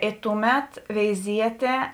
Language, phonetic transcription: Lithuanian, i ˈtuˌmet veiˈzietė

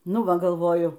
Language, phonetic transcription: Lithuanian, ˈnu ˈva galˈvoju

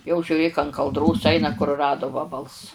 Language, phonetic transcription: Lithuanian, jau žiuˈrėk an kalˈdros ˈaina kuruˈradu ˈvabals

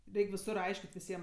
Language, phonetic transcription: Lithuanian, ˈreik' viˈsur ˈaiškit' viˈsiem

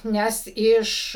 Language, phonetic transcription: Lithuanian, ˈnes ˈiš

